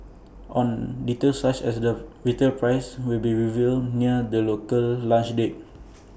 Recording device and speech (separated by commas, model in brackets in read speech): boundary microphone (BM630), read sentence